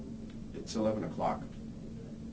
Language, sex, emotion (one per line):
English
male
neutral